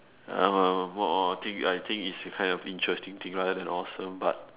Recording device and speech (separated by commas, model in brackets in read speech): telephone, conversation in separate rooms